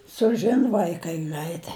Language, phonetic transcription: Lithuanian, suˈžin vaiˈkai ˈgraitai

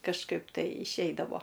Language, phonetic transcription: Lithuanian, kažˈkaip tai išˈeidavo

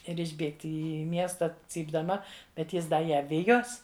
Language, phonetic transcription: Lithuanian, ˈir išˈbėgti į ˈmiesta cypdaˈma bet ˈjis ˈda ˈją ˈvijos

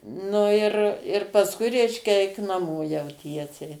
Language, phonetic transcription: Lithuanian, ˈnu ir ir pasˈkui ˈreiškia ˈeik naˈmo jau ˈtiesiai

